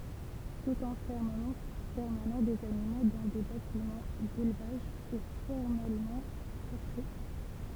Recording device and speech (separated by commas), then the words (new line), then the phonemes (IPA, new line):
temple vibration pickup, read sentence
Tout enfermement permanent des animaux dans des bâtiments d'élevage est formellement proscrit.
tut ɑ̃fɛʁməmɑ̃ pɛʁmanɑ̃ dez animo dɑ̃ de batimɑ̃ delvaʒ ɛ fɔʁmɛlmɑ̃ pʁɔskʁi